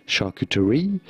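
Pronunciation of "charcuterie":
'Charcuterie' is said the usual English way here, not the French way.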